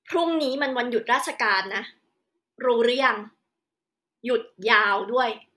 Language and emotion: Thai, frustrated